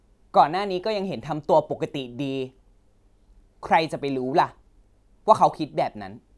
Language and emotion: Thai, frustrated